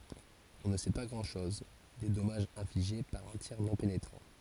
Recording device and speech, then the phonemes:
forehead accelerometer, read sentence
ɔ̃ nə sɛ pa ɡʁɑ̃dʃɔz de dɔmaʒz ɛ̃fliʒe paʁ œ̃ tiʁ nɔ̃ penetʁɑ̃

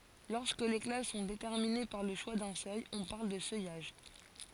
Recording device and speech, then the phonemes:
forehead accelerometer, read sentence
lɔʁskə le klas sɔ̃ detɛʁmine paʁ lə ʃwa dœ̃ sœj ɔ̃ paʁl də sœjaʒ

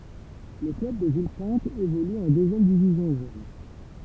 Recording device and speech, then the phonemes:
temple vibration pickup, read sentence
lə klœb də vilpɛ̃t evoly ɑ̃ døzjɛm divizjɔ̃ ʒøn

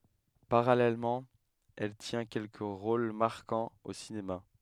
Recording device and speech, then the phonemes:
headset microphone, read sentence
paʁalɛlmɑ̃ ɛl tjɛ̃ kɛlkə ʁol maʁkɑ̃z o sinema

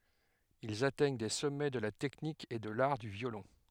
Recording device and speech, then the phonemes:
headset microphone, read sentence
ilz atɛɲ de sɔmɛ də la tɛknik e də laʁ dy vjolɔ̃

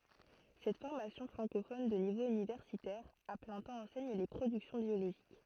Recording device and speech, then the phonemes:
throat microphone, read sentence
sɛt fɔʁmasjɔ̃ fʁɑ̃kofɔn də nivo ynivɛʁsitɛʁ a plɛ̃ tɑ̃ ɑ̃sɛɲ le pʁodyksjɔ̃ bjoloʒik

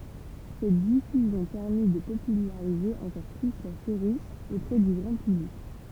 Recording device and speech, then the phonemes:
temple vibration pickup, read sentence
sɛt difyzjɔ̃ pɛʁmi də popylaʁize ɑ̃kɔʁ ply la seʁi opʁɛ dy ɡʁɑ̃ pyblik

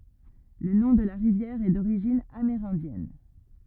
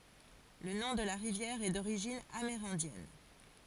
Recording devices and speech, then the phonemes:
rigid in-ear microphone, forehead accelerometer, read sentence
lə nɔ̃ də la ʁivjɛʁ ɛ doʁiʒin ameʁɛ̃djɛn

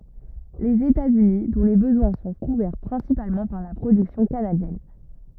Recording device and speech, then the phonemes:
rigid in-ear microphone, read sentence
lez etatsyni dɔ̃ le bəzwɛ̃ sɔ̃ kuvɛʁ pʁɛ̃sipalmɑ̃ paʁ la pʁodyksjɔ̃ kanadjɛn

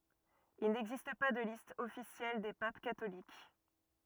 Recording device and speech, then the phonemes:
rigid in-ear microphone, read sentence
il nɛɡzist pa də list ɔfisjɛl de pap katolik

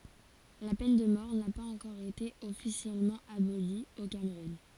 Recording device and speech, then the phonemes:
forehead accelerometer, read sentence
la pɛn də mɔʁ na paz ɑ̃kɔʁ ete ɔfisjɛlmɑ̃ aboli o kamʁun

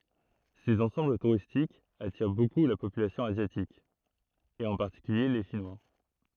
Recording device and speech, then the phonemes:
throat microphone, read sentence
sez ɑ̃sɑ̃bl tuʁistikz atiʁ boku la popylasjɔ̃ azjatik e ɑ̃ paʁtikylje le ʃinwa

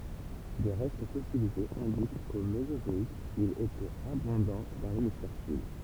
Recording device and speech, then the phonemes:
temple vibration pickup, read sentence
de ʁɛst fɔsilizez ɛ̃dik ko mezozɔik il etɛt abɔ̃dɑ̃ dɑ̃ lemisfɛʁ syd

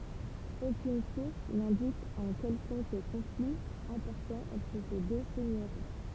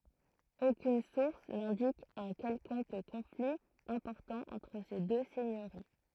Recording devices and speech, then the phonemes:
temple vibration pickup, throat microphone, read sentence
okyn suʁs nɛ̃dik œ̃ kɛlkɔ̃k kɔ̃fli ɛ̃pɔʁtɑ̃ ɑ̃tʁ se dø sɛɲøʁi

